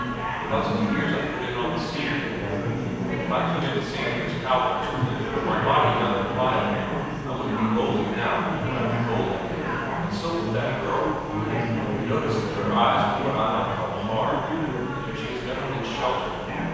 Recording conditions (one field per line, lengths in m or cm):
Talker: one person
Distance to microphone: 7.1 m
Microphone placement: far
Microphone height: 1.7 m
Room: very reverberant, large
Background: babble